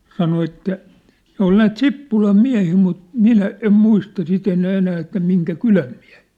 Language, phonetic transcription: Finnish, 'sano että , 'ne ‿ol 'näät "Sippulam "miä̭hii mut , "minä "em 'muista sit ‿enää enää että 'miŋkä "kyläm miä̭hɪɪ .
- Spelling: sanoi että ne oli näitä Sippulan miehiä mutta minä en muista sitten enää enää että minkä kylän miehiä

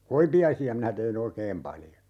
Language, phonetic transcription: Finnish, 'koipi₍aisi₍a minä teʰi"n ‿oikeem 'paljo .
- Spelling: koipiaisia minä tein oikein paljon

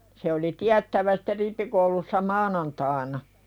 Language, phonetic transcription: Finnish, se oli 'tiättävä sɪtte 'rippikoulussa "maanantaaⁱna .
- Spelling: se oli tiedettävä sitten rippikoulussa maanantaina

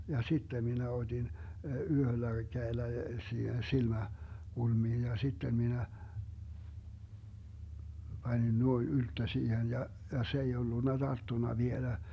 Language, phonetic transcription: Finnish, ja 'sittem minä 'oDin , "yhöllä 'käellä 'siihen 'silmä- , -'kulmiin ja 'sittem minä , 'Bańin 'nuoin 'ylttö 'siihen ja , ja 'se ei 'ollunna "Darttuna 'vielä .
- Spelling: ja sitten minä otin yhdellä kädellä siihen - silmäkulmiin ja sitten minä panin noin ylttö siihen ja ja se ei ollut tarttunut vielä

